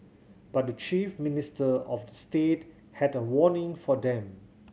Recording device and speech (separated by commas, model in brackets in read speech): mobile phone (Samsung C7100), read sentence